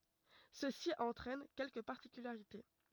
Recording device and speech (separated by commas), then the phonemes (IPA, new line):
rigid in-ear microphone, read sentence
səsi ɑ̃tʁɛn kɛlkə paʁtikylaʁite